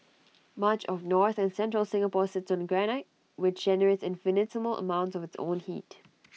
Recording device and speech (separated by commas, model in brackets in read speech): mobile phone (iPhone 6), read sentence